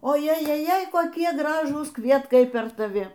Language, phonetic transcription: Lithuanian, o jejeˈjei koˈkie ˈgražūs ˈkvietkai per taˈvi

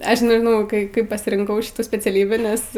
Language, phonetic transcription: Lithuanian, ˈaš nežiˈnau ˈkai ˈkaip pasirinˈkau ˈšitų speciaˈlybį nes

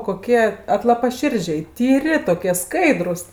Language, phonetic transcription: Lithuanian, koˈkie atlapaˈširdžiai tyˈri toˈkie ˈskaidrus

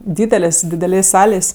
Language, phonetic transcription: Lithuanian, ˈdydelės dideˈlės' ˈsalės'

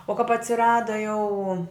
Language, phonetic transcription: Lithuanian, o kap atsiˈrada jau

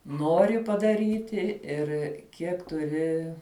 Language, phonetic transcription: Lithuanian, ˈnori padaˈryti ˈir kiek tuˈri

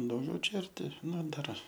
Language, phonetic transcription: Lithuanian, dauˈgiau ˈčia arˈti ˈnu ˈdar

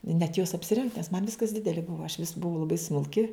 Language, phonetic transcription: Lithuanian, net jos apsiˈrengt nes man ˈviskas ˈdideli ˈbuva aš vis buˈvau laˈbai smulˈki

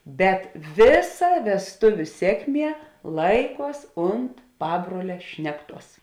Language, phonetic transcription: Lithuanian, bet ˈvėˌsa vesˈtuviu ˈsėkˌmie ˈlaiˌkuos ˈunt ˈpabruole ˈšnekˌtuos

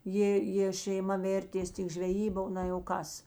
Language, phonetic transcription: Lithuanian, ˈjė jė šeiˈma ˈvėrtės tik žveˈjyba ˈna jau ˈkas

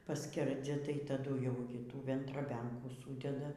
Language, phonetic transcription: Lithuanian, paˈskerdzia tai taˈdu jau gi ˈtų ventraˈbenkų ˈsūdeda

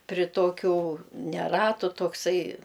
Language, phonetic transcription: Lithuanian, pri ˈtokiu ne ˈratu tokˈsai

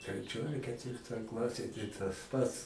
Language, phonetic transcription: Lithuanian, treˈčioj ar ketˈvirtoj ˈklasėj tai tas ˈpats

